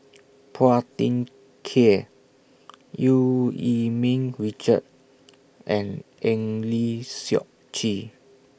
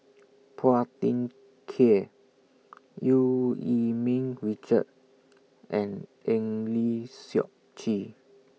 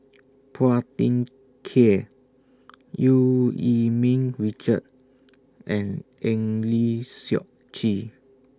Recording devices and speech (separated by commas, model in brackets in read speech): boundary microphone (BM630), mobile phone (iPhone 6), standing microphone (AKG C214), read sentence